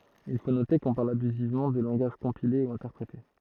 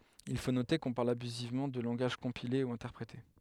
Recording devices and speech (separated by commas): throat microphone, headset microphone, read sentence